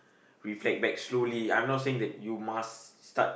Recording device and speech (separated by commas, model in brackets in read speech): boundary microphone, conversation in the same room